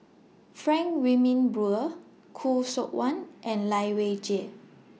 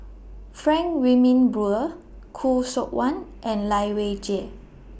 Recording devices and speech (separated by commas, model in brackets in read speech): mobile phone (iPhone 6), boundary microphone (BM630), read sentence